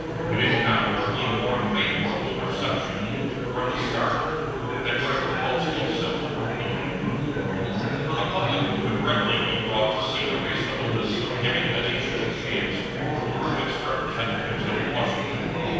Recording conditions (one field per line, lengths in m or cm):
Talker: one person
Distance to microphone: 7.1 m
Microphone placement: far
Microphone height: 1.7 m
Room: very reverberant, large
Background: babble